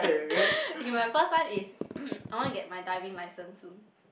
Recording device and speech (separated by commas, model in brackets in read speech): boundary microphone, conversation in the same room